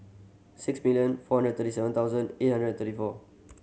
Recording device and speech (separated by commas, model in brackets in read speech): mobile phone (Samsung C7100), read sentence